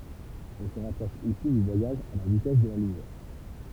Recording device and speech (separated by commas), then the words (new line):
temple vibration pickup, read sentence
On se rapproche ici du voyage à la vitesse de la lumière.